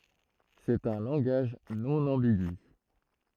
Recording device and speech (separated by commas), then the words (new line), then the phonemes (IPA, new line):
throat microphone, read sentence
C'est un langage non ambigu.
sɛt œ̃ lɑ̃ɡaʒ nɔ̃ ɑ̃biɡy